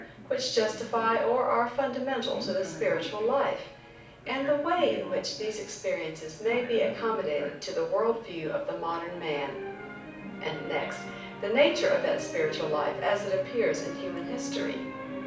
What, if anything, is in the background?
A television.